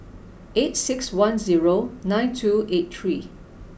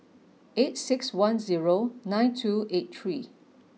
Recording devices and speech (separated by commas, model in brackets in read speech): boundary microphone (BM630), mobile phone (iPhone 6), read sentence